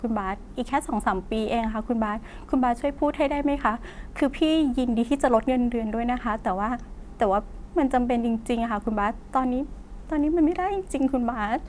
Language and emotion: Thai, frustrated